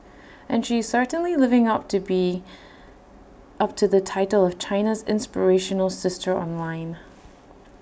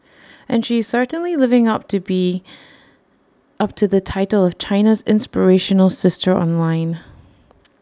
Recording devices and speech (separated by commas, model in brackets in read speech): boundary microphone (BM630), standing microphone (AKG C214), read sentence